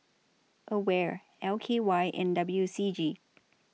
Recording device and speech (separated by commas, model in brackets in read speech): mobile phone (iPhone 6), read sentence